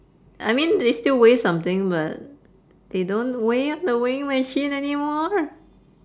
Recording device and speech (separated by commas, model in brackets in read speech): standing microphone, conversation in separate rooms